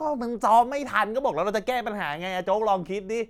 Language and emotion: Thai, angry